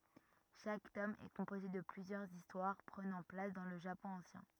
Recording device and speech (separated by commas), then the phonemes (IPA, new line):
rigid in-ear microphone, read sentence
ʃak tɔm ɛ kɔ̃poze də plyzjœʁz istwaʁ pʁənɑ̃ plas dɑ̃ lə ʒapɔ̃ ɑ̃sjɛ̃